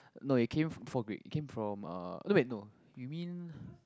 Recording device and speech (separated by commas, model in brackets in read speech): close-talking microphone, conversation in the same room